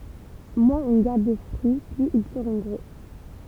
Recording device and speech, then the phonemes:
temple vibration pickup, read sentence
mwɛ̃z ɔ̃ ɡaʁd də fʁyi plyz il səʁɔ̃ ɡʁo

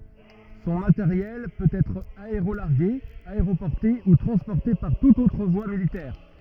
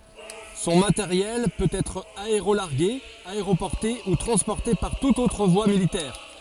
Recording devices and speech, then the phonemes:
rigid in-ear microphone, forehead accelerometer, read sentence
sɔ̃ mateʁjɛl pøt ɛtʁ aeʁolaʁɡe aeʁopɔʁte u tʁɑ̃spɔʁte paʁ tutz otʁ vwa militɛʁ

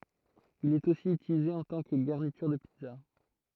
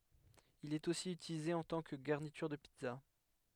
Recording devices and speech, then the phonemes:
throat microphone, headset microphone, read sentence
il ɛt osi ytilize ɑ̃ tɑ̃ kə ɡaʁnityʁ də pizza

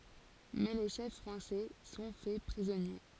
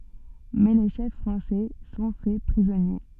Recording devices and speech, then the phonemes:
forehead accelerometer, soft in-ear microphone, read sentence
mɛ le ʃɛf fʁɑ̃sɛ sɔ̃ fɛ pʁizɔnje

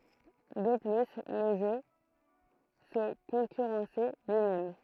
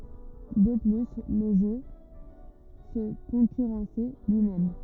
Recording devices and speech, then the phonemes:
throat microphone, rigid in-ear microphone, read sentence
də ply lə ʒø sə kɔ̃kyʁɑ̃sɛ lyimɛm

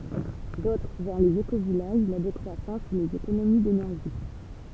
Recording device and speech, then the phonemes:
temple vibration pickup, read sentence
dotʁ vɛʁ lez ekovijaʒ la dekʁwasɑ̃s u lez ekonomi denɛʁʒi

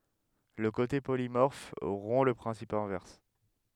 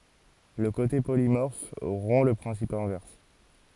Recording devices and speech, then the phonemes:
headset microphone, forehead accelerometer, read sentence
lə kote polimɔʁf ʁɔ̃ lə pʁɛ̃sip ɛ̃vɛʁs

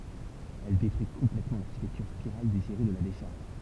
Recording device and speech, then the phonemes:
temple vibration pickup, read sentence
ɛl detʁyi kɔ̃plɛtmɑ̃ laʁʃitɛktyʁ spiʁal deziʁe də la deʃaʁʒ

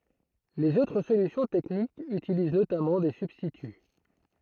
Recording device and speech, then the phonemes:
throat microphone, read sentence
lez otʁ solysjɔ̃ tɛknikz ytiliz notamɑ̃ de sybstity

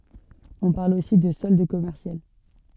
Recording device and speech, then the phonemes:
soft in-ear microphone, read sentence
ɔ̃ paʁl osi də sɔld kɔmɛʁsjal

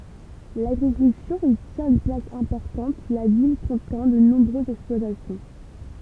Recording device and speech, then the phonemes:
temple vibration pickup, read sentence
laɡʁikyltyʁ i tjɛ̃t yn plas ɛ̃pɔʁtɑ̃t la vil kɔ̃tɑ̃ də nɔ̃bʁøzz ɛksplwatasjɔ̃

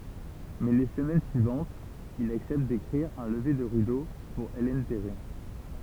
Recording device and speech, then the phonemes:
temple vibration pickup, read sentence
mɛ le səmɛn syivɑ̃tz il aksɛpt dekʁiʁ œ̃ ləve də ʁido puʁ ɛlɛn tɛʁi

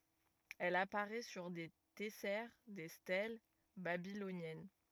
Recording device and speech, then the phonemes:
rigid in-ear microphone, read sentence
ɛl apaʁɛ syʁ de tɛsɛʁ de stɛl babilonjɛn

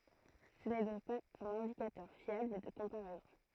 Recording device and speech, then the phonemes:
throat microphone, read sentence
sə nɛ dɔ̃k paz œ̃n ɛ̃dikatœʁ fjabl də kɔ̃paʁɛzɔ̃

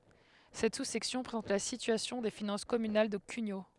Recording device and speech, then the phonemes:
headset microphone, read sentence
sɛt susɛksjɔ̃ pʁezɑ̃t la sityasjɔ̃ de finɑ̃s kɔmynal də kyɲo

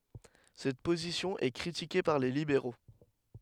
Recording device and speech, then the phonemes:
headset microphone, read sentence
sɛt pozisjɔ̃ ɛ kʁitike paʁ le libeʁo

